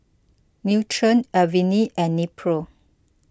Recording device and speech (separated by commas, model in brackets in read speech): close-talking microphone (WH20), read sentence